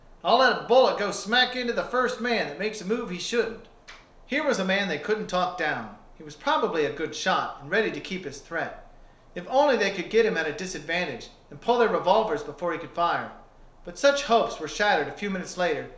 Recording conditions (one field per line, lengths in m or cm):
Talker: one person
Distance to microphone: 1.0 m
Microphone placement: close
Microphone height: 1.1 m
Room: small (3.7 m by 2.7 m)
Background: none